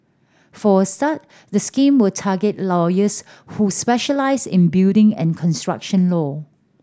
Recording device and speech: standing microphone (AKG C214), read sentence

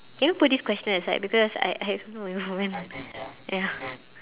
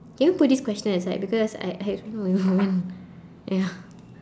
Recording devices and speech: telephone, standing microphone, conversation in separate rooms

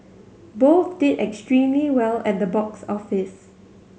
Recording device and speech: mobile phone (Samsung C7100), read sentence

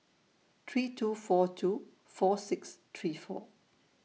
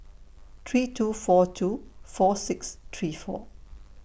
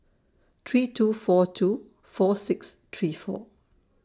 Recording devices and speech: mobile phone (iPhone 6), boundary microphone (BM630), standing microphone (AKG C214), read sentence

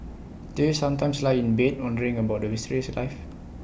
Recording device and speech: boundary microphone (BM630), read sentence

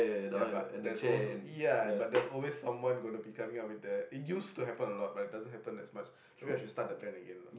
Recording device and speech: boundary microphone, conversation in the same room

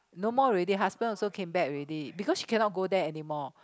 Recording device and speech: close-talking microphone, conversation in the same room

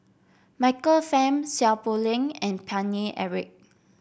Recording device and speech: boundary microphone (BM630), read sentence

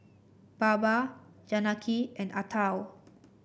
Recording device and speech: boundary microphone (BM630), read sentence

